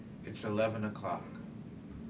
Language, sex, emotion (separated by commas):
English, male, neutral